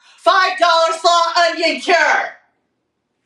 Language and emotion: English, neutral